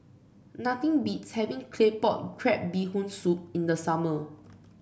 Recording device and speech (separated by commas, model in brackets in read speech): boundary microphone (BM630), read sentence